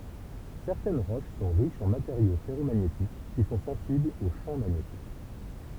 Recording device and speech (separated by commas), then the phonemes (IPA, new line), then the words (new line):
temple vibration pickup, read sentence
sɛʁtɛn ʁoʃ sɔ̃ ʁiʃz ɑ̃ mateʁjo fɛʁomaɲetik ki sɔ̃ sɑ̃siblz o ʃɑ̃ maɲetik
Certaines roches sont riches en matériaux ferromagnétiques, qui sont sensibles au champ magnétique.